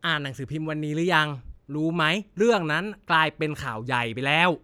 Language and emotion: Thai, frustrated